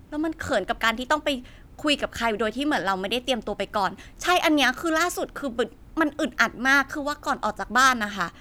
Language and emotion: Thai, frustrated